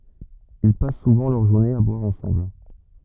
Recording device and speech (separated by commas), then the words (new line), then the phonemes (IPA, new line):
rigid in-ear microphone, read sentence
Ils passent souvent leurs journées à boire ensemble.
il pas suvɑ̃ lœʁ ʒuʁnez a bwaʁ ɑ̃sɑ̃bl